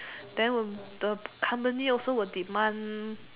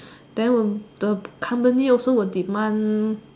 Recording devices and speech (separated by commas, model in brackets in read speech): telephone, standing microphone, conversation in separate rooms